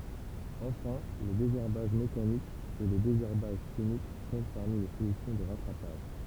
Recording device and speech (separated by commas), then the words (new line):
temple vibration pickup, read sentence
Enfin, le désherbage mécanique et le désherbage chimique comptent parmi les solutions de rattrapage.